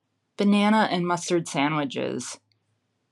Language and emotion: English, disgusted